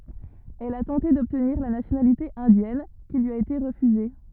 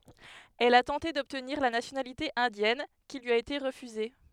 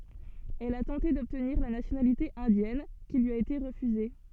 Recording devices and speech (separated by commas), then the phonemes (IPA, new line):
rigid in-ear microphone, headset microphone, soft in-ear microphone, read sentence
ɛl a tɑ̃te dɔbtniʁ la nasjonalite ɛ̃djɛn ki lyi a ete ʁəfyze